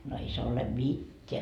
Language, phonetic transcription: Finnish, » no 'ei se ole "mit́t́eä .
- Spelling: no ei se ole mitään

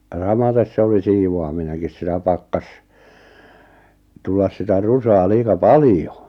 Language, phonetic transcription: Finnish, ja 'samates se oli 'siivo₍amineŋkis sitä 'pakkas , 'tullas sitä "rusaa 'liika "palⁱjo .
- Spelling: ja samaten se oli siivoaminenkin sitä pakkasi tulla sitä rusaa liian paljon

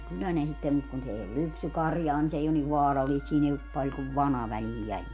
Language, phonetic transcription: Finnish, 'kyllä ne 'sittem mut kun 's ‿ei ol "lypsykarjaa ni 's ‿ei on niv "vaaralliist - siin ‿ei op 'paĺ kuv "vana väliij 'jäljel .
- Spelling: kyllä ne sitten mutta kun se ei ole lypsykarjaa niin se ei ole niin vaarallista siinä ei ole paljon kuin vana väliin jäljellä

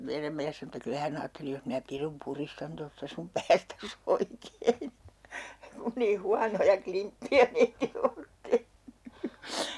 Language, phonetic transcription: Finnish, 'meiräm miäs sano että » 'kylä hä'n ‿aatteli jos minä 'pirum 'puristan tosta sum "päästäs 'oikein , kun nii 'huanoja 'klimppi₍ä meitill ‿oot 'tehny » .
- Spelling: meidän mies sanoi että kyllä hän ajatteli jos minä pirun puristan tuosta sinun päästäsi oikein kun niin huonoja klimppejä meille olet tehnyt

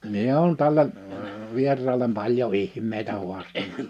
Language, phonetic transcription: Finnish, 'mie oon tälle , 'vier̆raalem 'paĺjo "ih̀m̀eitä 'huastana .
- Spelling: minä olen tälle vieraalle paljon ihmeitä haastanut

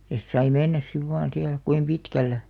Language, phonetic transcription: Finnish, 'ja sit sai "mennäs siv vaan 'siäl kuim 'pitkällä .
- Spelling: ja sitten sai mennä sitten vain siellä kuinka pitkällä

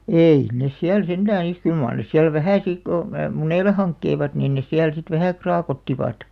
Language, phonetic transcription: Finnish, ei 'nes siäl 'sentää (sit) , 'kyl màr nes siäl "vähä̀ sik ko , "muneile 'haŋkkeivat nin nes 'siäl sit "vähä̀§ 'kraakottivàt .
- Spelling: ei ne siellä sentään sitten kyllä mar ne siellä vähän sitten kun munille hankkivat niin ne siellä sitten vähän kraakottivat

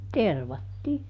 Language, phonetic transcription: Finnish, "tervattii .
- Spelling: tervattiin

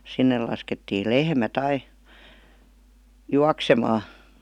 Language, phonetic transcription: Finnish, 'sinnel̆ laskettii "lehmät 'ai , "juaksemaa .
- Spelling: sinne laskettiin lehmät aina juoksemaan

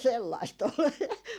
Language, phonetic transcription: Finnish, sellaist ol .
- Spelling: sellaista oli

